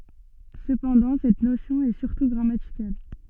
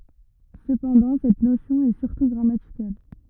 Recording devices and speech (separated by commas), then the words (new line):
soft in-ear microphone, rigid in-ear microphone, read sentence
Cependant, cette notion est surtout grammaticale.